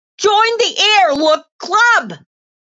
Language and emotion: English, happy